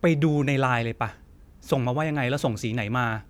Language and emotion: Thai, frustrated